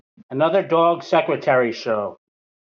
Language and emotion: English, sad